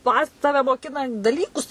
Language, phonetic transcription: Lithuanian, ˈpa ˈtave moˈkina daˈlykus

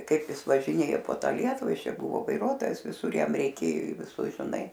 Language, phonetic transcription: Lithuanian, ˈkaip ˈjis važiˈnėjo po ˈtą ˈlietuva ˈjis ˈčia ˈbuvo vaiˈruotojas viˈsur ˈjam reiˈkėjo į viˈsus žiˈnai

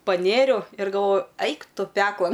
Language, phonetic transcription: Lithuanian, paˈnėriau ir galˈvoju ˈaik ˈtu ˈpeklan

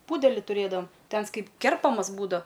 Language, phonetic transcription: Lithuanian, ˈpūdeli tuˈrėdavam ˈtai ˈans ˈkaip ˈkerpamas ˈbūdav

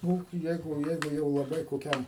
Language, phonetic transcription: Lithuanian, ˈnu ˈjeigu ˈjeigu jau laˈbai koˈkiam

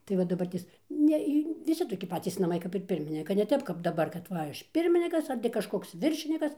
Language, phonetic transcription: Lithuanian, ˈtai va daˈbartės ˈne į viˈsi toˈki ˈpatys naˈmai kap ir ˈpirminika ne ˈtep kap daˈbar kad ˈva ˈaš ˈpirminikas ar ti kažˈkoks ˈviršinikas

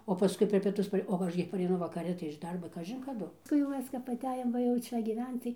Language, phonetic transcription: Lithuanian, o paˈskui per pieˈtus o ˈaš gi pareiˈnu vakaˈri tai iš ˈdarbo ˈkažin kaˈdu nu jau ˈmes kap aˈtejom ˈva jau ˈčia gyˈvenc tai

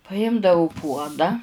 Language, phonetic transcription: Lithuanian, paˈjimdau ˈpuoda

